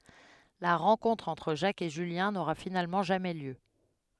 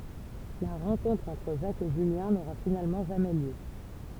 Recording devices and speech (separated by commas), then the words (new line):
headset microphone, temple vibration pickup, read sentence
La rencontre entre Jacques et Julien n'aura finalement jamais lieu.